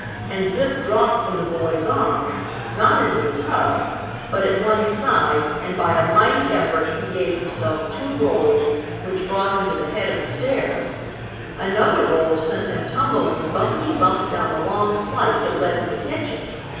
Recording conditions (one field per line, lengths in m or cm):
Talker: one person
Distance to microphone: 7.1 m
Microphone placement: far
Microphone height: 1.7 m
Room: very reverberant, large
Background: babble